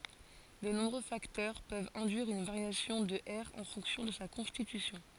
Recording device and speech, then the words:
forehead accelerometer, read sentence
De nombreux facteurs peuvent induire une variation de R en fonction de sa constitution.

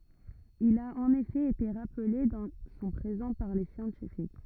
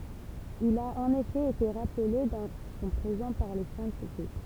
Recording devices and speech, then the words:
rigid in-ear microphone, temple vibration pickup, read sentence
Il a en effet été rappelé dans son présent par les scientifiques.

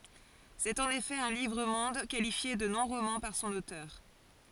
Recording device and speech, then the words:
forehead accelerometer, read sentence
C'est en effet un livre-monde, qualifié de non-roman par son auteur.

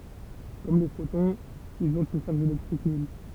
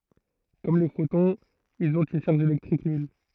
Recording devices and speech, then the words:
temple vibration pickup, throat microphone, read sentence
Comme les photons, ils ont une charge électrique nulle.

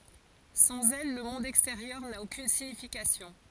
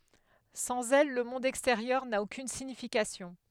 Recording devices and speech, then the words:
forehead accelerometer, headset microphone, read sentence
Sans elles, le monde extérieur n'a aucune signification.

